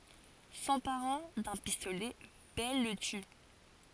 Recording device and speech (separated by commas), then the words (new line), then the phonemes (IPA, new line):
forehead accelerometer, read sentence
S'emparant d'un pistolet, Belle le tue.
sɑ̃paʁɑ̃ dœ̃ pistolɛ bɛl lə ty